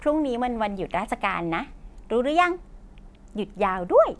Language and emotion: Thai, happy